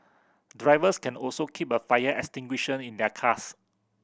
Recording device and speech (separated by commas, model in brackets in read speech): boundary microphone (BM630), read sentence